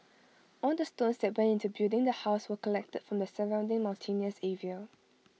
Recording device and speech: mobile phone (iPhone 6), read sentence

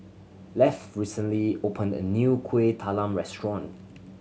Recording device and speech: mobile phone (Samsung C7100), read sentence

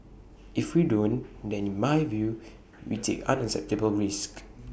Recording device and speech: boundary microphone (BM630), read sentence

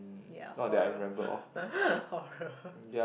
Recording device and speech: boundary microphone, conversation in the same room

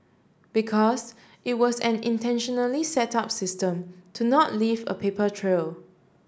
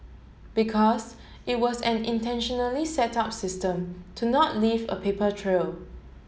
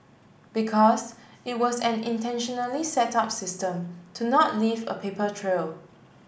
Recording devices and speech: standing microphone (AKG C214), mobile phone (Samsung S8), boundary microphone (BM630), read sentence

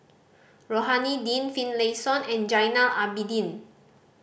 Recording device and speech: boundary microphone (BM630), read sentence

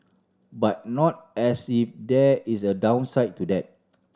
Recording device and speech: standing microphone (AKG C214), read sentence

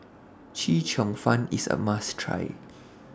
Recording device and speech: standing microphone (AKG C214), read sentence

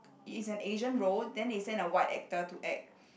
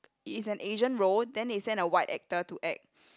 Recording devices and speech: boundary microphone, close-talking microphone, conversation in the same room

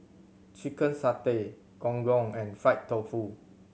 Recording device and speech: mobile phone (Samsung C7100), read sentence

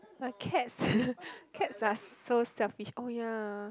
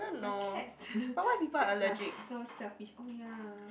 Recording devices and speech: close-talking microphone, boundary microphone, conversation in the same room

